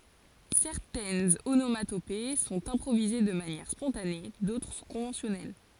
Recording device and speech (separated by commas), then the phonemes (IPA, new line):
forehead accelerometer, read sentence
sɛʁtɛnz onomatope sɔ̃t ɛ̃pʁovize də manjɛʁ spɔ̃tane dotʁ sɔ̃ kɔ̃vɑ̃sjɔnɛl